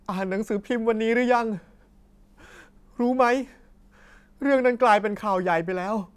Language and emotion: Thai, sad